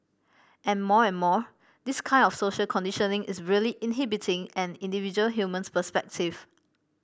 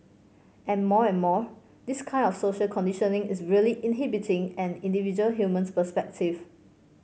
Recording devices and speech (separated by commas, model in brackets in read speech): boundary microphone (BM630), mobile phone (Samsung C5), read sentence